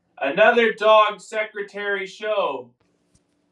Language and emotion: English, neutral